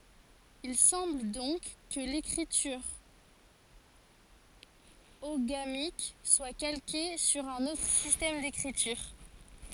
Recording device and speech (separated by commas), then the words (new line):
forehead accelerometer, read sentence
Il semble donc que l'écriture oghamique soit calquée sur un autre système d'écriture.